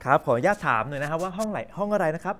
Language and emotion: Thai, happy